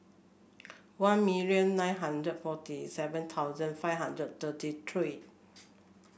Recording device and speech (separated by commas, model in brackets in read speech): boundary microphone (BM630), read sentence